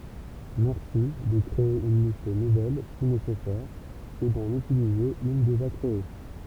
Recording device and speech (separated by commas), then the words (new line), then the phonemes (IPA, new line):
temple vibration pickup, read sentence
Merci de créer une liste nouvelle si nécessaire ou d'en utiliser une déjà créée.
mɛʁsi də kʁee yn list nuvɛl si nesɛsɛʁ u dɑ̃n ytilize yn deʒa kʁee